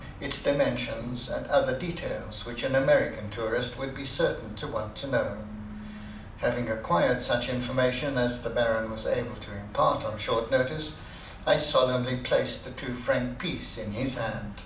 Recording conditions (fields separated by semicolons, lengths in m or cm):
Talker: one person; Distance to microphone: 2.0 m; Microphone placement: close; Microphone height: 99 cm; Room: medium-sized (5.7 m by 4.0 m); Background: television